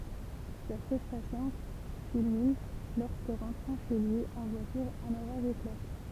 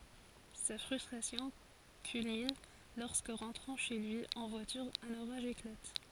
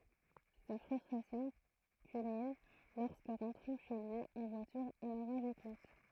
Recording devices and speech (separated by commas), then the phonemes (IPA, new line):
temple vibration pickup, forehead accelerometer, throat microphone, read sentence
sa fʁystʁasjɔ̃ kylmin lɔʁskə ʁɑ̃tʁɑ̃ ʃe lyi ɑ̃ vwatyʁ œ̃n oʁaʒ eklat